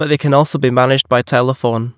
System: none